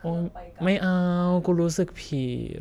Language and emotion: Thai, frustrated